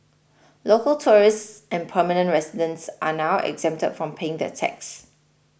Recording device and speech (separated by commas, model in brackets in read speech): boundary microphone (BM630), read sentence